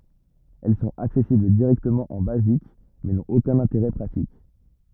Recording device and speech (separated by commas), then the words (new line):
rigid in-ear microphone, read sentence
Elles sont accessibles directement en Basic, mais n'ont aucun intérêt pratique.